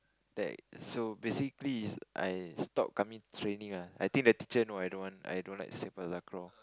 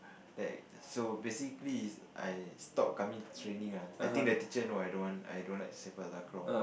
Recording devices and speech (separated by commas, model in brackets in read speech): close-talking microphone, boundary microphone, conversation in the same room